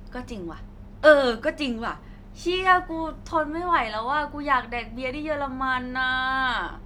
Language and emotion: Thai, happy